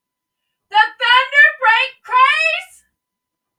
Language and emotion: English, surprised